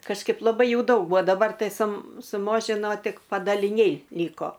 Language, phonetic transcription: Lithuanian, kažˈkaip laˈbai ˈjų ˈdaug ˈbuo ˈdabar ˈtai su suˈmožino ˈtik padaliˈniai ˈlyko

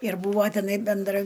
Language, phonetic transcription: Lithuanian, ir ˈbūvo teˈnai benˈdra

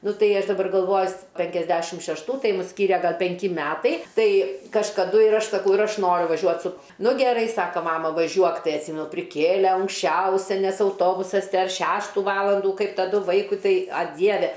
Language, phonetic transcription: Lithuanian, ˈnu ˈtai ˈaš daˈbar galˈvoju s penkiasˈdešim šešˈtų ˈtai ˈmus ˈskyria ˈgal penˈki ˈmetai ˈtai kažkaˈdu ir ˈaš saˈkau ir ˈaš ˈnoriu vaˈžiuot su ˈnu geˈrai ˈsaka ˈmama vaˈžiuok ˈtai atˈsymenu priˈkėlė anksˈčiausia nes auˈtobusas ˈdar ˈšeštų ˈvalandų ˈkaip taˈdu ˈvaikui ˈtai a ˈdieve

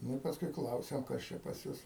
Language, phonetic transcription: Lithuanian, ˈnu i pasˈkui ˈklausiam ˈkas čia pas ˈjus

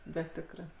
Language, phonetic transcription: Lithuanian, ˈbet ˈtikrɜ

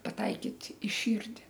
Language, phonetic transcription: Lithuanian, paˈtaikyt' i ˈšyrdi

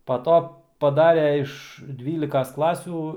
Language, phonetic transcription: Lithuanian, pa ˈto paˈdare iš ˈdvylikas ˈklasių

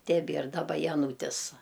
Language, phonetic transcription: Lithuanian, teˈbier daˈba jaˈnūtis

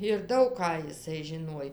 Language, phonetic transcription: Lithuanian, ir ˈdaug ką jiˈsai žiˈnuoj

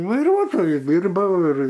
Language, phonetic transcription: Lithuanian, vaiˈruotoju ˈdyrbau ir

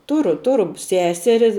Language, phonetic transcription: Lithuanian, ˈturu ˈturu ˈseseri

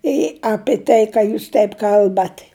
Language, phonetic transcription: Lithuanian, i ˈapi ˈtai ˈką jūs ˈteip ˈkalbat'

